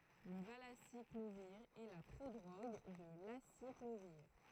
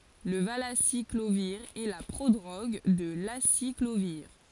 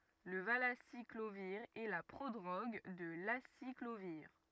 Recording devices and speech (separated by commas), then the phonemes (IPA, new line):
throat microphone, forehead accelerometer, rigid in-ear microphone, read sentence
lə valasikloviʁ ɛ la pʁodʁoɡ də lasikloviʁ